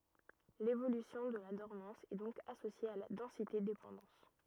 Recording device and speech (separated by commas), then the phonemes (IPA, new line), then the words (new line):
rigid in-ear microphone, read sentence
levolysjɔ̃ də la dɔʁmɑ̃s ɛ dɔ̃k asosje a la dɑ̃sitedepɑ̃dɑ̃s
L’évolution de la dormance est donc associée à la densité-dépendance.